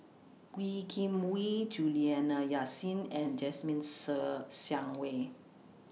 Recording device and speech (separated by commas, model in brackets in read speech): mobile phone (iPhone 6), read sentence